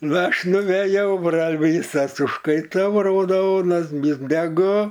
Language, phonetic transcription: Lithuanian, ˈnu ˈaš nuveˈjau ˈbral' ˈvysas užkaiˈtau rauˈdonas deˈgu

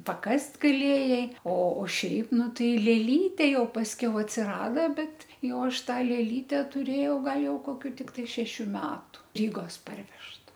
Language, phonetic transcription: Lithuanian, paˈkast' gaˈlėjai o o ˈšiaip ˈnu ˈtai lėˈlytė jau pasˈkiau atsiˈrada ˈbet ˈjau ˈaš ˈtą lėˈlyte tuˈrėjau ˈgal ˈjau koˈkių tikˈtai šeˈšių ˈmetu ˈrygos ˈparvežta

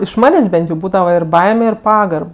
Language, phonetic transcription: Lithuanian, iš ˈmanės' ˈbent jau ˈbūdava ir ˈbaime ir ˈpagarb

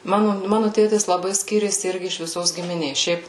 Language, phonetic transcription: Lithuanian, ˈmanu ˈmanu ˈtėtis laˈbai ˈskyrėsi ˈirgi iš viˈsos gimiˈnės ˈšiaip

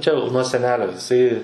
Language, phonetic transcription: Lithuanian, ˈčia jau nuo seˈnelio jiˈsai

